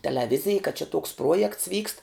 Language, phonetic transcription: Lithuanian, teleˈvizij ka čia toks ˈpruojekts vykst

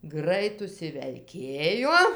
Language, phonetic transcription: Lithuanian, ˈgrait užsivelˈkėjo

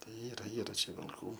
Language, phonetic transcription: Lithuanian, ˈtai ˈyra ˈyra ˈčia vilˈkų

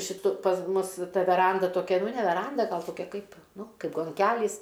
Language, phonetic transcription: Lithuanian, šiˈtu pas ˈmus ˈta veˈranda toˈkia ˈnu ne veˈranda ˈgal toˈkia ˈkaip ˈnu ˈkaip gonˈkælys

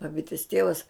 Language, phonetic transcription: Lithuanian, baˈbitis ˈtievas

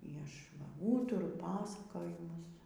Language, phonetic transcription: Lithuanian, y ˈašˈ va ˈūturu ˈpasakojimus

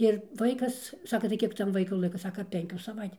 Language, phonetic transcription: Lithuanian, ir ˈvaikas ˈsaka tai ˈkiek ˈtam ˈvaiku ˈlaika ˈsaka ˈpenkių saˈvait'

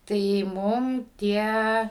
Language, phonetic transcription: Lithuanian, tai ˈmum ˈtie

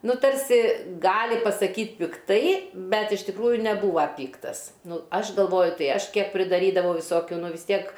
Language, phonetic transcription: Lithuanian, ˈnu ˈtarsi ˈgali pasaˈkyt pikˈtai ˈbet iš tikˈrųju neˈbūva ˈpyktas ˈnu ˈaš galˈvoju ˈtai ˈaš ˈkiek pridaˈrydavo viˈsokiu ˈnu vis ˈtiek

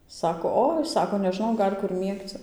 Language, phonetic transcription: Lithuanian, ˈsako ˈoi ˈsako neˈžnau ˈgal' ˈkur ˈmiegci

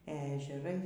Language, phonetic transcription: Lithuanian, e ežeˈrai

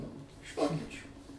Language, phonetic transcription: Lithuanian, iš ˈvokečių

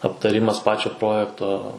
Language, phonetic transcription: Lithuanian, aptaˈrimas ˈpačio ˈprojekto

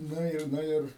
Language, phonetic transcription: Lithuanian, ˈnu ir ˈnu ir

